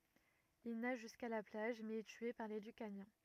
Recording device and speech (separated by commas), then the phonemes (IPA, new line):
rigid in-ear microphone, read sentence
il naʒ ʒyska la plaʒ mɛz ɛ tye paʁ le lykanjɛ̃